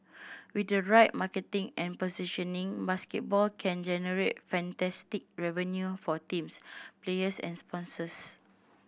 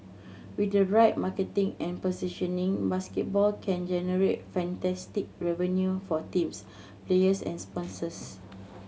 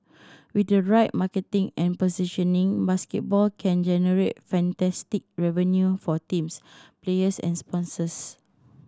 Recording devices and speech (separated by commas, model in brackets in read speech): boundary microphone (BM630), mobile phone (Samsung C7100), standing microphone (AKG C214), read sentence